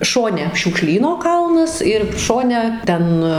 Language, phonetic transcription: Lithuanian, ˈšone šiūkˈšlyno ˈkalnas ir ˈšone ˈten

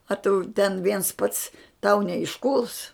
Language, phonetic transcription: Lithuanian, a ˈtu ˈten ˈviens ˈpats tau neišˈkūls

